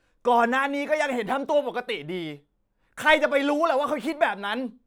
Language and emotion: Thai, angry